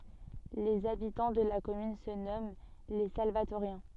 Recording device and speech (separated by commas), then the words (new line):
soft in-ear microphone, read sentence
Les habitants de la commune se nomment les Salvatoriens.